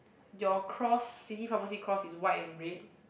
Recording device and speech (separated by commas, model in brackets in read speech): boundary microphone, conversation in the same room